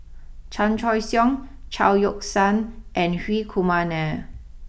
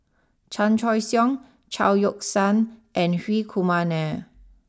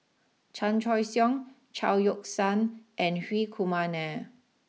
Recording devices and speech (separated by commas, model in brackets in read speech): boundary microphone (BM630), standing microphone (AKG C214), mobile phone (iPhone 6), read sentence